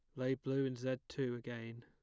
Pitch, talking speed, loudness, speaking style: 130 Hz, 220 wpm, -40 LUFS, plain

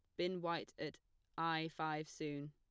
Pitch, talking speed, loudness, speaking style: 160 Hz, 155 wpm, -43 LUFS, plain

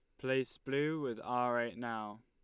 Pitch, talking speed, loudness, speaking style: 125 Hz, 175 wpm, -37 LUFS, Lombard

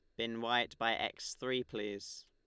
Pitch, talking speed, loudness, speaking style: 115 Hz, 175 wpm, -37 LUFS, Lombard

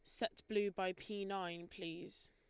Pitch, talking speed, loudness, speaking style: 190 Hz, 170 wpm, -43 LUFS, Lombard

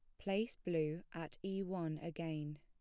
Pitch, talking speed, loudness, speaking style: 165 Hz, 150 wpm, -42 LUFS, plain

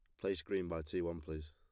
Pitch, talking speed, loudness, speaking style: 85 Hz, 275 wpm, -41 LUFS, plain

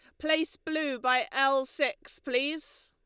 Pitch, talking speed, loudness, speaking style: 285 Hz, 135 wpm, -29 LUFS, Lombard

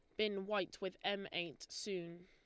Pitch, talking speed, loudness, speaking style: 190 Hz, 175 wpm, -42 LUFS, Lombard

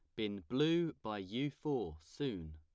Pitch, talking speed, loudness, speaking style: 110 Hz, 155 wpm, -39 LUFS, plain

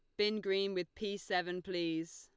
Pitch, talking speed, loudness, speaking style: 185 Hz, 185 wpm, -37 LUFS, Lombard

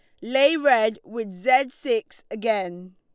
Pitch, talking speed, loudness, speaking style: 230 Hz, 135 wpm, -22 LUFS, Lombard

